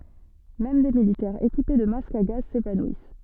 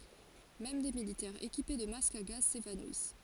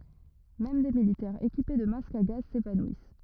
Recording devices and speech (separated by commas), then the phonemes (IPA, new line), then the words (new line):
soft in-ear microphone, forehead accelerometer, rigid in-ear microphone, read sentence
mɛm de militɛʁz ekipe də mask a ɡaz sevanwis
Même des militaires équipés de masque à gaz s'évanouissent.